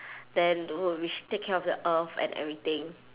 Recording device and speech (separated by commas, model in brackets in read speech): telephone, conversation in separate rooms